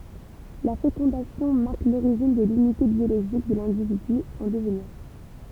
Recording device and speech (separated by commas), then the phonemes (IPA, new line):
temple vibration pickup, read sentence
la fekɔ̃dasjɔ̃ maʁk loʁiʒin də lynite bjoloʒik də lɛ̃dividy ɑ̃ dəvniʁ